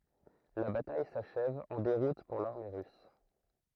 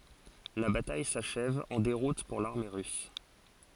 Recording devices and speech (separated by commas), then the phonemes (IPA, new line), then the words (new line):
throat microphone, forehead accelerometer, read sentence
la bataj saʃɛv ɑ̃ deʁut puʁ laʁme ʁys
La bataille s'achève en déroute pour l'armée russe.